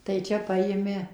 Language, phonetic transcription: Lithuanian, tai ˈčia ˈpajimi

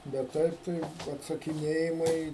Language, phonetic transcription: Lithuanian, bet ˈtaip tai atsakiˈnėjimai

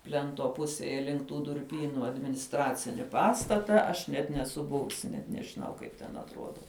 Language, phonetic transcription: Lithuanian, ˈplento ˈpusėje link tų durˈpynu adminisˈtracini ˈpastata aš ˈnet neˈsu ˈbuvusi net nežiˈnau ˈkaip ten atˈruoda

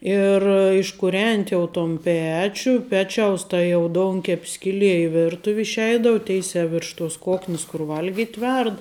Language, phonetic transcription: Lithuanian, ir iškuˈrenti jau ton ˈpečiu ˈpečiaus ˈta jau ˈdounkep' ˈskilie i ˈvirtuv' išˈeidau ˈteisiā virš tos ˈkoknis kur ˈvalgit' ˈverd

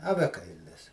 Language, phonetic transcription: Lithuanian, aˈvekailis

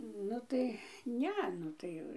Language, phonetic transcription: Lithuanian, ˈnu tai ˈne ˈnu tai

